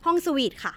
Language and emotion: Thai, happy